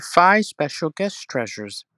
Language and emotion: English, angry